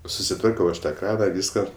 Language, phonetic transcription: Lithuanian, susiˈtvarkiau ˈaš ta ˈkrana ˈvyska

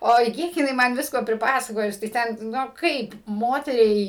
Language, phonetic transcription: Lithuanian, ˈoi ˈkiek jiˈnai ˈman ˈvisko priˈpasakojus tai ˈten ˈnu ˈkaip ˈmoteriai

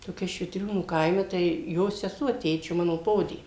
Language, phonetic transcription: Lithuanian, toˈkia švitˈriūnų ˈkaime tai ˈjo seˈsuo ˈtėčio ˈmano ˈpodė

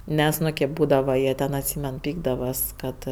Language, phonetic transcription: Lithuanian, ˈmes ˈnu kėp ˈbūdava ˈjie ten atˈsymen ˈpykdavas ˈkad

